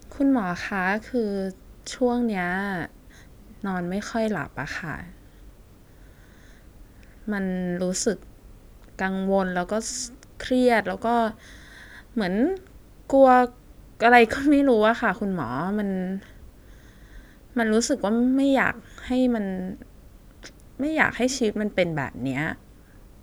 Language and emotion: Thai, sad